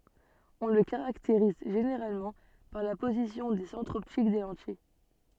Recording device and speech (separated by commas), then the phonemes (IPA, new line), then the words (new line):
soft in-ear microphone, read sentence
ɔ̃ lə kaʁakteʁiz ʒeneʁalmɑ̃ paʁ la pozisjɔ̃ de sɑ̃tʁz ɔptik de lɑ̃tij
On le caractérise généralement par la position des centres optiques des lentilles.